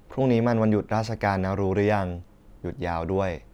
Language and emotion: Thai, neutral